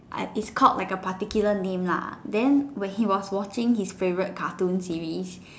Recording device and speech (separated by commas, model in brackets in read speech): standing microphone, conversation in separate rooms